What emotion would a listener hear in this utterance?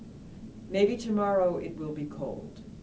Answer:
neutral